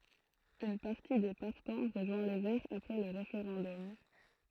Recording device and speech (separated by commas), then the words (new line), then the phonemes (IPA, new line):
throat microphone, read sentence
Une partie des partants rejoint les Verts après le référendum.
yn paʁti de paʁtɑ̃ ʁəʒwɛ̃ le vɛʁz apʁɛ lə ʁefeʁɑ̃dɔm